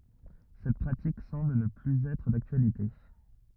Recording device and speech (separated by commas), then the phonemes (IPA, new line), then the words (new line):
rigid in-ear microphone, read sentence
sɛt pʁatik sɑ̃bl nə plyz ɛtʁ daktyalite
Cette pratique semble ne plus être d'actualité.